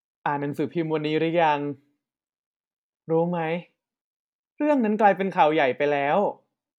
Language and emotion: Thai, neutral